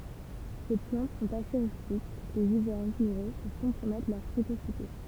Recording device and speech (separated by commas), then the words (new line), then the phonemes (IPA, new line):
temple vibration pickup, read sentence
Ces plantes sont assez rustiques, les hivers rigoureux peuvent compromettre leur précocité.
se plɑ̃t sɔ̃t ase ʁystik lez ivɛʁ ʁiɡuʁø pøv kɔ̃pʁomɛtʁ lœʁ pʁekosite